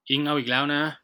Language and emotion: Thai, frustrated